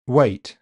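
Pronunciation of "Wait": The word 'await' is said here without a schwa at the start.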